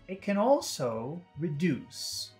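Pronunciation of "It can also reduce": The syllables go short, short, long, long, short, long: 'it' and 'can' are short, both syllables of 'also' are long, and 'reduce' has a short first syllable and a long second one.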